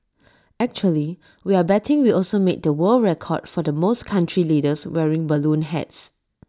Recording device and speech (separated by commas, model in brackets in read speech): standing microphone (AKG C214), read sentence